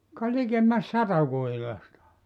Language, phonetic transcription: Finnish, ka 'likemmäs "sata 'kuhilasta .
- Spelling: ka likemmäs sata kuhilasta

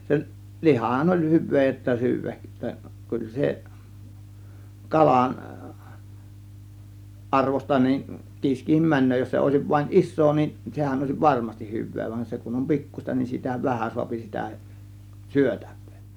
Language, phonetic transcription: Finnish, 'seˡ , "lihahan oĺ 'hyv̆vee j ‿ttä syyväk , 'kyl se , 'kalan , 'ˀarvosta nin , 'kiiskihim "män̆nöö jos se òėsiv vaⁱn "ˀis̆soo nin , 'sehän òėsiv "varmastih 'hyv̆vee van͕ se kun om "pi̬kkuśta nin sitä "vähän suapi sitä , "syötÄV̆VEE .
- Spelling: se lihahan oli hyvää - että syödä kyllä se kalan arvoista niin kiiskikin menee jos se olisi vain iso niin sehän olisi varmasti hyvää vaan se kun on pikkuista niin sitä vähän saa sitä syötävää

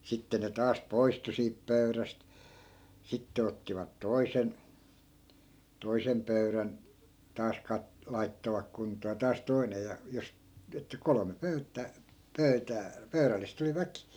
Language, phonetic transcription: Finnish, 'sitte ne 'taas "poistu siip 'pöyräst , 'sitte ottivat "toi̮sen , 'toisem pöyrän , taas 'kat- , 'laittovak kunt̀oo ja 'taas 'toinej ja , jos , että 'kolome 'pöyttää , "pöytää , 'pöyrällist ‿oli "väkì .
- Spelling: sitten ne taas poistui siitä pöydästä sitten ottivat toisen toisen pöydän taas - laittoivat kuntoon ja taas toinen ja jos että kolme pöytää pöytää pöydällistä oli väki

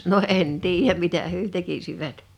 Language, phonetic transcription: Finnish, no '’en 'tiijäm 'mitä hyö 'tekisivät .
- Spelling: no en tiedä mitä he tekisivät

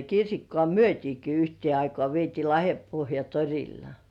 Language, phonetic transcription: Finnish, 'kirsikkoà "myöt́iiki yhtie 'aikŏ§à vietii "Lahempohja "torilla .
- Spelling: kirsikkaa myytiinkin yhteen aikaan vietiin Lahdenpohjan torilla

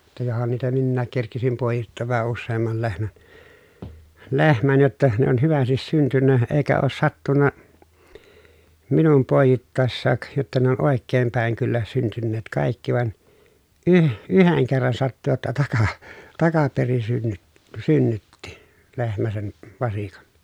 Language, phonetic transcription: Finnish, ja johan niitä minnääk kerkisim pòejittoov vähä usseemmal lehmän , lehmän jotta , ne on hyvästis syntynnä , eekä oos sattunna , minum pòejittàessaak , jotta ne on òekkeem pä̀eŋ kyllä syntynneet kàikki vaᵉn , yh- yheŋ kerran sattu jotta taka- , takaperin synnyt- , synnytti , lehmä sen , vasikan .
- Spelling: ja johan niitä minäkin kerkisin poi'ittaa vähän useamman lehmän lehmän jotta ne on hyvästi syntynyt eikä ole sattunut minun poi'ittaessakaan jotta ne on oikein päin kyllä syntyneet kaikki vaan - yhden kerran sattui jotta - takaperin - synnytti lehmä sen vasikan

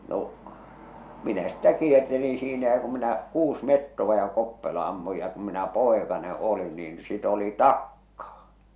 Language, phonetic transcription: Finnish, 'no , 'minä sⁱttä 'kiertelin̬ siinä ja kum minä , 'kuus mettova ja 'koppelo ammuj ja kum minä "poekane 'olin niin sit ‿oli "takkaa !
- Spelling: no minä sitten kiertelin siinä ja kun minä kuusi metsoa ja koppelon ammuin ja kun minä poikanen olin niin sitä oli taakkaa

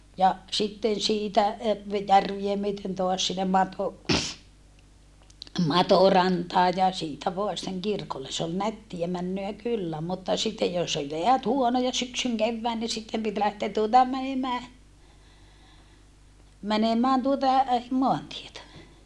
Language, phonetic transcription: Finnish, ja , sitten siitä , e - ve - järvie myöten toas sinnem Mato- , Matorantaaj ja siitä voa sⁱtteŋ kirkolle s ‿ol nättiä männöä kyllä mutta sittej jos ol jeät huonoja syksyŋ kevvään ni sittem pit lähteä tuota mänemää , mänemään tuota , moantietä .
- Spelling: ja sitten siitä - - järveä myöten taas sinne - Matorantaan ja siitä vain sitten kirkolle se oli nättiä menoa kyllä mutta sitten jos oli jäät huonoja syksyn kevään niin sitten piti lähteä tuota menemään menemään tuota maantietä

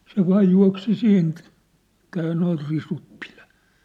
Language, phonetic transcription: Finnish, se 'vaaj jua̭ksi 'siin , ʿᵉʾt̀t ‿èi noi 'risut piʟᴀ̈ .
- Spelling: se vain juoksi siinä että ei nuo risut pidä

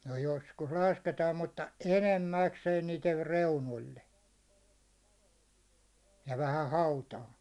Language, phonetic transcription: Finnish, no 'joskus 'lasketaam mutta , 'enem"mäkseen niiter 'reunol̜l̜e , ja vähä 'hautaa .
- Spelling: no joskus lasketaan mutta enimmäkseen niiden reunoille ja vähän hautaan

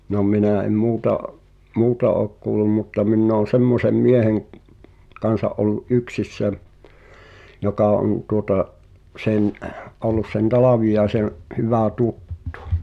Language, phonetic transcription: Finnish, no 'minä̀ em 'muuta’ , "muuta ook kuulum mutta minn ‿oon̬ "semmosem 'mieheŋ’ , 'kansa’ ’ol̆lu’ "’yksissä , jokà on tuota’ , '’sen , ’ollus sen "Talàviʲaesen̬ , '’hyvä̀ "tuttᴜ .
- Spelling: no minä en muuta muuta ole kuullut mutta minä olen semmoisen miehen kanssa ollut yksissä joka on tuota sen ollut sen Talviaisen hyvä tuttu

